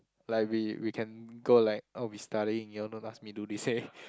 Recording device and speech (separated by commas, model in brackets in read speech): close-talking microphone, conversation in the same room